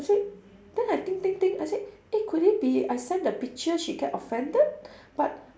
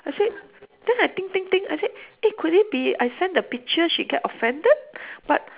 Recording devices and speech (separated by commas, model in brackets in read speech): standing microphone, telephone, conversation in separate rooms